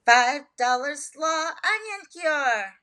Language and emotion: English, surprised